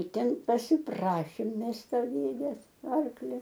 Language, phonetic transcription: Lithuanian, ir ˈten pasiˈprašėm ˈmes ˈto ˈdėdės ˈarklio

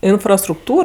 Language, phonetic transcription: Lithuanian, infrastrukˈtūr

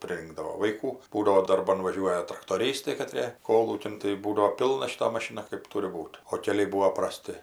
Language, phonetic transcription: Lithuanian, priˈrinkdavo vaiˈkų ˈbūdavo darˈban ˈvažiuoja traktoˈrystai kaˈtrė ˈkolūkin tai ˈbūdavo ˈpilna šiˈta maˈšina kɜp ˈturi ˈbūt o keˈliai ˈbūo praˈsti

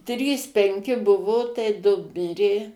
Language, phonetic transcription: Lithuanian, ˈtrys penˈki ˈbuvo tai ˈdu ˈmirė

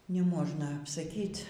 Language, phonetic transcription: Lithuanian, neˈmožna apsaˈkyt'

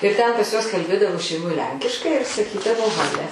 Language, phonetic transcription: Lithuanian, ir ten pas juos kalˈbėdavo šeiˈmoj ˈlenkiškai ir saˈkydavo ˈhale

